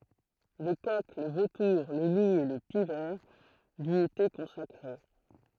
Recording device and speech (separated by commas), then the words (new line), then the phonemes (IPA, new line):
throat microphone, read sentence
Le coq, le vautour, le loup et le pic-vert lui étaient consacrés.
lə kɔk lə votuʁ lə lu e lə pik vɛʁ lyi etɛ kɔ̃sakʁe